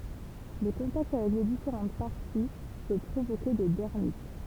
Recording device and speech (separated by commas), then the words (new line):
temple vibration pickup, read sentence
Le contact avec les différentes parties peut provoquer des dermites.